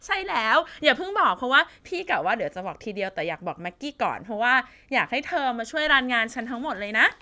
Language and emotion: Thai, happy